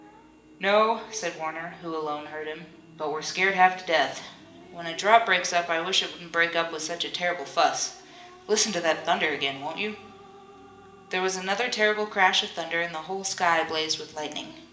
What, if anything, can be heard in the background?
A television.